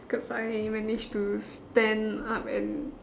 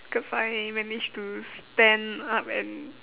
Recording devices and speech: standing microphone, telephone, conversation in separate rooms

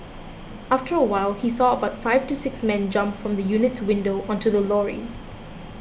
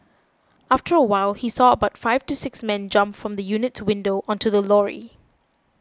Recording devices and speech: boundary microphone (BM630), close-talking microphone (WH20), read sentence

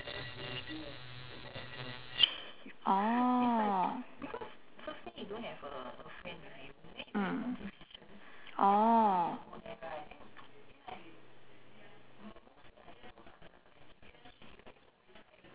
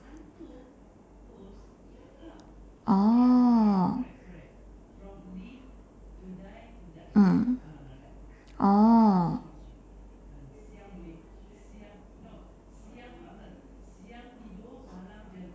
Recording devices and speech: telephone, standing microphone, conversation in separate rooms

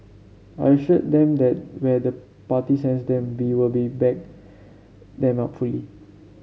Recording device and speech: mobile phone (Samsung C7), read sentence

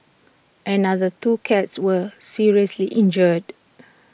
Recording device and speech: boundary microphone (BM630), read sentence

